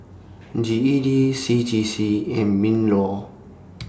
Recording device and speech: standing microphone (AKG C214), read sentence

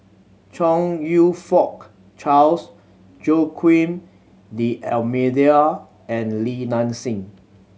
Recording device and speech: mobile phone (Samsung C7100), read sentence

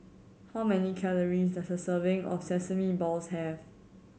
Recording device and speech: mobile phone (Samsung C7100), read sentence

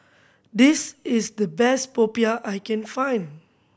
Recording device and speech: boundary microphone (BM630), read sentence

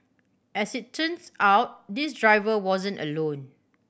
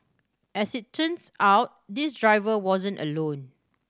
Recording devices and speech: boundary microphone (BM630), standing microphone (AKG C214), read sentence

